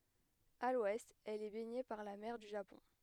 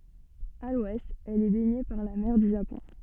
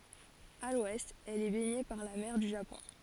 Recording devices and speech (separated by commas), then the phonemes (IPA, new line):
headset microphone, soft in-ear microphone, forehead accelerometer, read sentence
a lwɛst ɛl ɛ bɛɲe paʁ la mɛʁ dy ʒapɔ̃